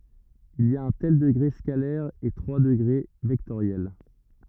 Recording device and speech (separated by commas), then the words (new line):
rigid in-ear microphone, read sentence
Il y a un tel degré scalaire et trois degrés vectoriels.